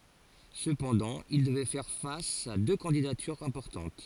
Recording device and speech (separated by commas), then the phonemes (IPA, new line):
forehead accelerometer, read sentence
səpɑ̃dɑ̃ il dəvɛ fɛʁ fas a dø kɑ̃didatyʁz ɛ̃pɔʁtɑ̃t